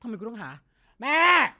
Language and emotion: Thai, angry